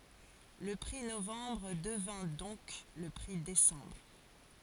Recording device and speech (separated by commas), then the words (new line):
forehead accelerometer, read sentence
Le prix Novembre devint donc le prix Décembre.